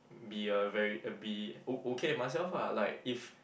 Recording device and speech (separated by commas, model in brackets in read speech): boundary microphone, conversation in the same room